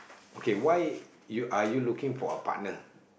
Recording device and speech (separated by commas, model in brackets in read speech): boundary microphone, conversation in the same room